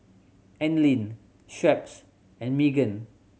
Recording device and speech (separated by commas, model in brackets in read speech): mobile phone (Samsung C7100), read sentence